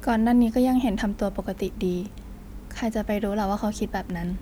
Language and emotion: Thai, neutral